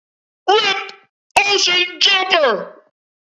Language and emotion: English, neutral